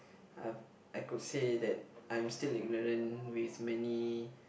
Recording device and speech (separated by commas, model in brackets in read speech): boundary microphone, conversation in the same room